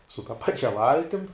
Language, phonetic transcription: Lithuanian, su ta ˈpačia ˈvaltim

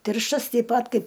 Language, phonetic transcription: Lithuanian, ˈtirštas teip ˈpat ˈkaip

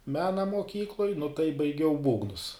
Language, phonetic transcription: Lithuanian, ˈmena moˈkykloj nu tai baiˈgiau ˈbūgnus

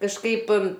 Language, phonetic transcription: Lithuanian, kažˈkaip

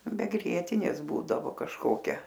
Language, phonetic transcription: Lithuanian, be ˈgrietinės ˈbūdavo kažˈkokia

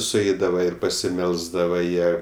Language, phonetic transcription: Lithuanian, suˈeidava ir pasiˈmelsdava ˈjie

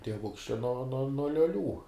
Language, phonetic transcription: Lithuanian, tieˈvuks čia no no no lioˈlių

